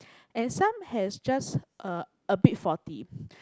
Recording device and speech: close-talking microphone, conversation in the same room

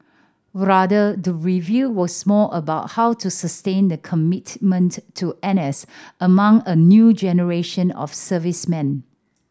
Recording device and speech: standing microphone (AKG C214), read sentence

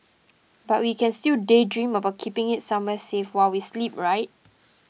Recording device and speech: mobile phone (iPhone 6), read sentence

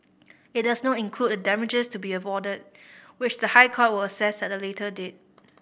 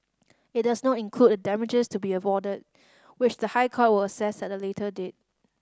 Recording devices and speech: boundary microphone (BM630), standing microphone (AKG C214), read sentence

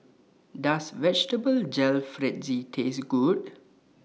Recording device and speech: mobile phone (iPhone 6), read sentence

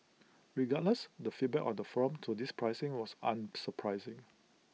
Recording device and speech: mobile phone (iPhone 6), read sentence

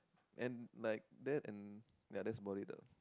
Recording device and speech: close-talking microphone, conversation in the same room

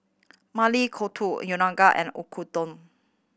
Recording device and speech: boundary microphone (BM630), read sentence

